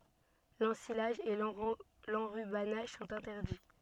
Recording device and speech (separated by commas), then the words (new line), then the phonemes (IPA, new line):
soft in-ear microphone, read sentence
L’ensilage et l’enrubannage sont interdits.
lɑ̃silaʒ e lɑ̃ʁybanaʒ sɔ̃t ɛ̃tɛʁdi